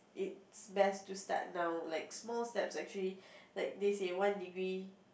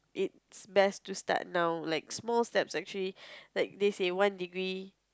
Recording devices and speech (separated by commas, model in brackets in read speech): boundary microphone, close-talking microphone, conversation in the same room